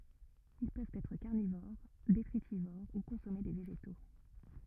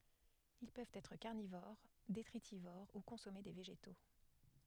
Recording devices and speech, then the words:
rigid in-ear microphone, headset microphone, read sentence
Ils peuvent être carnivores, détritivores ou consommer des végétaux.

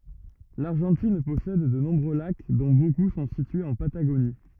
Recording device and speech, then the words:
rigid in-ear microphone, read sentence
L'Argentine possède de nombreux lacs, dont beaucoup sont situés en Patagonie.

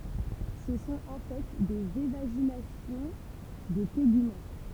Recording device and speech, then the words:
temple vibration pickup, read sentence
Ce sont en fait des évaginations de tégument.

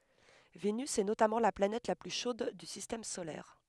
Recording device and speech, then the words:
headset microphone, read sentence
Vénus est notamment la planète la plus chaude du Système solaire.

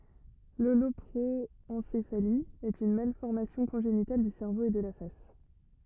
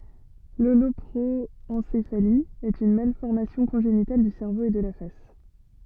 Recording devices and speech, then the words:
rigid in-ear microphone, soft in-ear microphone, read sentence
L'holoproencéphalie est une malformation congénitale du cerveau et de la face.

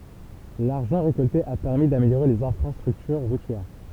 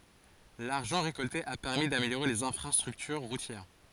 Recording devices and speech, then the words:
temple vibration pickup, forehead accelerometer, read sentence
L'argent récolté a permis d'améliorer les infrastructures routières.

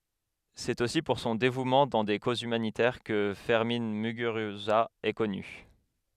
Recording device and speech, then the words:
headset microphone, read sentence
C'est aussi pour son dévouement dans des causes humanitaires que Fermin Muguruza est connu.

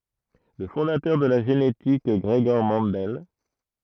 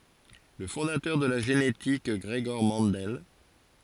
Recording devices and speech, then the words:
throat microphone, forehead accelerometer, read sentence
Le fondateur de la génétique Gregor Mendel.

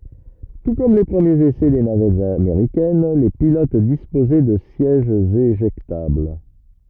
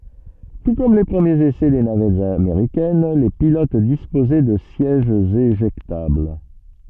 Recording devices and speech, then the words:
rigid in-ear microphone, soft in-ear microphone, read sentence
Tout comme les premiers essais des navettes américaines, les pilotes disposaient de sièges éjectables.

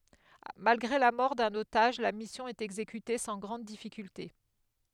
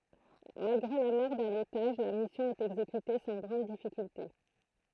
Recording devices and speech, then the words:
headset microphone, throat microphone, read sentence
Malgré la mort d'un otage, la mission est exécutée sans grandes difficultés.

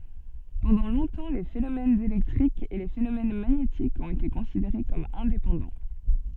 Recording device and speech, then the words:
soft in-ear microphone, read sentence
Pendant longtemps les phénomènes électriques et les phénomènes magnétiques ont été considérés comme indépendants.

